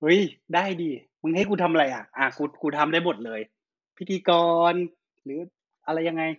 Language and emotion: Thai, happy